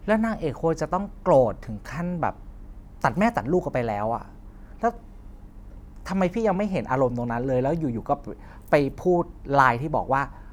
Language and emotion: Thai, frustrated